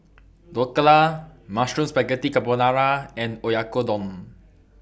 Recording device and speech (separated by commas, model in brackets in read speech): boundary microphone (BM630), read sentence